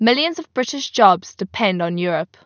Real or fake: real